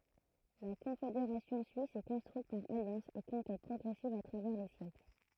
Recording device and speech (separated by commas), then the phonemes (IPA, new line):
throat microphone, read sentence
la kɔ̃fedeʁasjɔ̃ syis sɛ kɔ̃stʁyit paʁ aljɑ̃sz e kɔ̃kɛt pʁɔɡʁɛsivz a tʁavɛʁ le sjɛkl